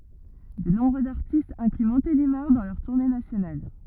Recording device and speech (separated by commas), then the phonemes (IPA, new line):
rigid in-ear microphone, read sentence
də nɔ̃bʁøz aʁtistz ɛ̃kly mɔ̃telimaʁ dɑ̃ lœʁ tuʁne nasjonal